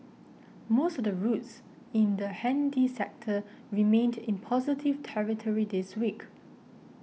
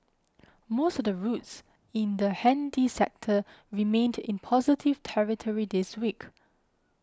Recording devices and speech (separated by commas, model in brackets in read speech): mobile phone (iPhone 6), close-talking microphone (WH20), read sentence